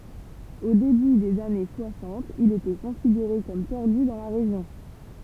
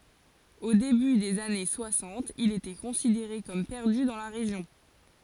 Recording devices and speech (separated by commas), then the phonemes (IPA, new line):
temple vibration pickup, forehead accelerometer, read sentence
o deby dez ane swasɑ̃t il etɛ kɔ̃sideʁe kɔm pɛʁdy dɑ̃ la ʁeʒjɔ̃